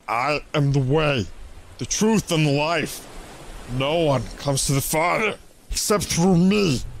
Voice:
Phlemgy voice